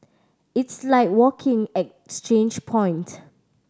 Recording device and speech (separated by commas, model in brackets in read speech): standing microphone (AKG C214), read sentence